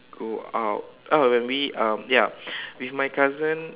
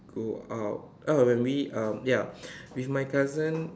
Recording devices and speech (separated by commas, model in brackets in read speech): telephone, standing microphone, conversation in separate rooms